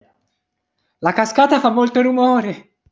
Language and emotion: Italian, happy